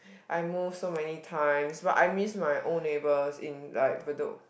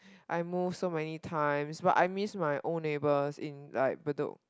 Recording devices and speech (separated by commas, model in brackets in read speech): boundary microphone, close-talking microphone, conversation in the same room